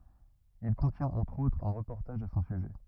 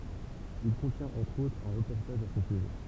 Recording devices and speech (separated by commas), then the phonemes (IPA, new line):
rigid in-ear microphone, temple vibration pickup, read sentence
il kɔ̃tjɛ̃t ɑ̃tʁ otʁz œ̃ ʁəpɔʁtaʒ a sɔ̃ syʒɛ